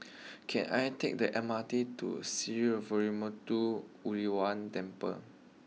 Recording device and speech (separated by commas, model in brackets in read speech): mobile phone (iPhone 6), read sentence